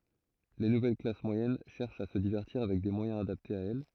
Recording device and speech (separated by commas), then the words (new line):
throat microphone, read sentence
Les nouvelles classes moyennes cherchent à se divertir avec des moyens adaptés à elles.